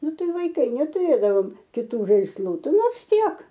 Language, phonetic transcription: Lithuanian, ˈnu ˈtai vaiˈkai netuˈrėdavom kiˈtų žaisˈlų ˈti ˈnors ˈtiek

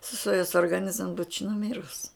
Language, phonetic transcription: Lithuanian, suˈstojus orgaˈnizm būč nuˈmirus

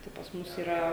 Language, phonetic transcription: Lithuanian, tai pas ˈmus yˈra

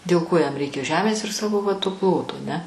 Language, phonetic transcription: Lithuanian, dėl ˈko jam ˈreikia ˈžemės ir ˈsavo va to ˈploto aˈne

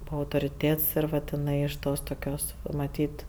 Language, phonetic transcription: Lithuanian, ˈbūa autoriˈtėts ir ˈvat iˈnai iš ˈtos toˈkios va maˈtyt

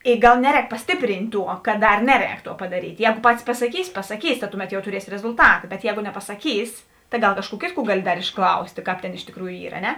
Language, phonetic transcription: Lithuanian, i ˈgal ˈneˌrēk pasˈtiprynt' ˈtuo kad ˈdar ˈneˌrēk ˈtuo padaˈryt' ˈjēgo ˈpatis pasaˈkys pasaˈkys ta ˈtuˌmet jau tuˈriesi rezulˈtata bet ˈjēgo nepasaˈkys tai ˈgal ˈkažˌkų ˈkėtˌkų dar ˈgali išˈklaustė ˈkāp ˈtėn iš tikˈrųjų ˈyr a ˈne

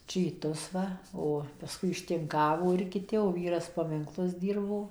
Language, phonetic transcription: Lithuanian, čyˈtus ˈva ˈo paˈskui ištinˈkavo ir kiˈti o ˈvyras paminkˈlus ˈdyrbo

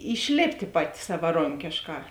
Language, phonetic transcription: Lithuanian, išˈlėptė ˈpaˌti savaˈronkėšˌkā

